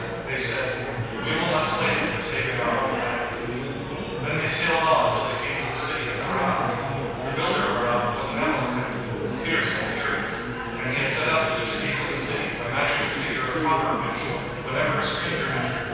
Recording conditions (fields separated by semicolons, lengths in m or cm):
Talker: one person; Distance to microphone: 7.1 m; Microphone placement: far; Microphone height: 1.7 m; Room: very reverberant, large; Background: babble